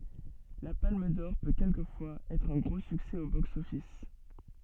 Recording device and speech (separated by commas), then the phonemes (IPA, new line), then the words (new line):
soft in-ear microphone, read sentence
la palm dɔʁ pø kɛlkəfwaz ɛtʁ œ̃ ɡʁo syksɛ o bɔks ɔfis
La Palme d'or peut quelquefois être un gros succès au box-office.